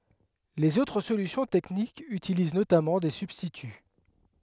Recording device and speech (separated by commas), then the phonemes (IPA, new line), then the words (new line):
headset microphone, read sentence
lez otʁ solysjɔ̃ tɛknikz ytiliz notamɑ̃ de sybstity
Les autres solutions techniques utilisent notamment des substituts.